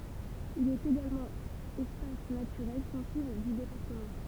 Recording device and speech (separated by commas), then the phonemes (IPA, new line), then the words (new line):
temple vibration pickup, read sentence
il ɛt eɡalmɑ̃ ɛspas natyʁɛl sɑ̃sibl dy depaʁtəmɑ̃
Il est également espace naturel sensible du département.